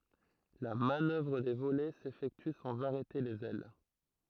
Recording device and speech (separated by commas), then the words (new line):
throat microphone, read sentence
La manœuvre de volets s’effectue sans arrêter les ailes.